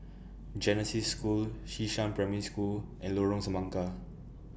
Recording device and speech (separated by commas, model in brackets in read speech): boundary microphone (BM630), read sentence